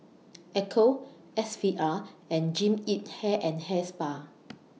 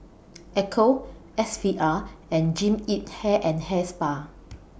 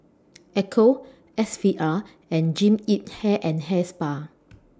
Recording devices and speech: mobile phone (iPhone 6), boundary microphone (BM630), standing microphone (AKG C214), read sentence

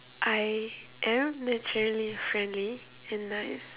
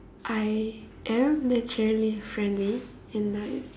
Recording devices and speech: telephone, standing microphone, conversation in separate rooms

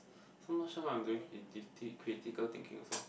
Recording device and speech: boundary microphone, conversation in the same room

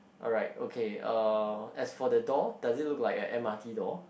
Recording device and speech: boundary microphone, conversation in the same room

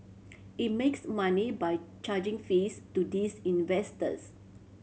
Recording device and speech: mobile phone (Samsung C7100), read sentence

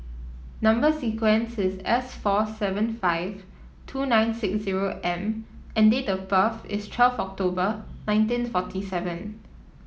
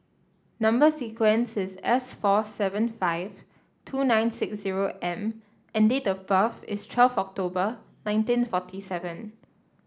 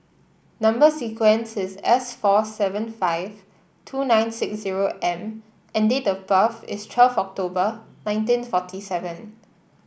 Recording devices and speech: mobile phone (iPhone 7), standing microphone (AKG C214), boundary microphone (BM630), read sentence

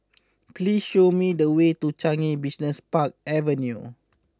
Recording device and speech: close-talking microphone (WH20), read sentence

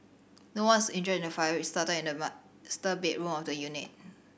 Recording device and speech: boundary microphone (BM630), read sentence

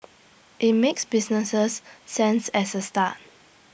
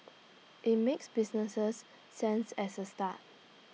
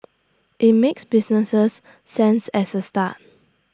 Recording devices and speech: boundary microphone (BM630), mobile phone (iPhone 6), standing microphone (AKG C214), read sentence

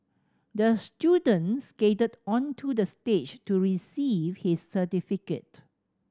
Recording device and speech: standing microphone (AKG C214), read sentence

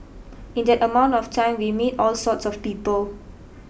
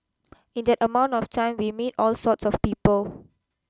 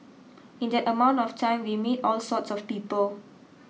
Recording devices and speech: boundary microphone (BM630), close-talking microphone (WH20), mobile phone (iPhone 6), read sentence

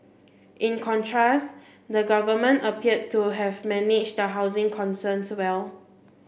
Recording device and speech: boundary microphone (BM630), read sentence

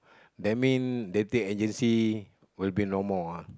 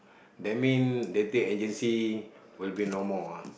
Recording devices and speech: close-talking microphone, boundary microphone, conversation in the same room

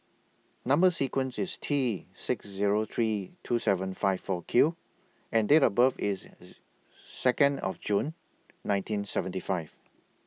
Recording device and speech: mobile phone (iPhone 6), read sentence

